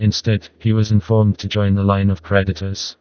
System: TTS, vocoder